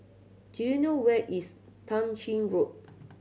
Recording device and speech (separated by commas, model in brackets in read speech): mobile phone (Samsung C7100), read sentence